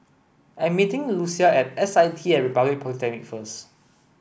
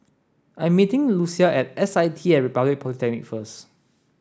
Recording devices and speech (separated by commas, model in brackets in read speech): boundary microphone (BM630), standing microphone (AKG C214), read sentence